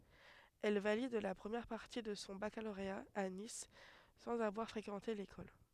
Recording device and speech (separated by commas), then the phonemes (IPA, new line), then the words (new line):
headset microphone, read sentence
ɛl valid la pʁəmjɛʁ paʁti də sɔ̃ bakaloʁea a nis sɑ̃z avwaʁ fʁekɑ̃te lekɔl
Elle valide la première partie de son baccalauréat à Nice, sans avoir fréquenté l'école.